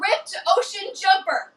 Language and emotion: English, fearful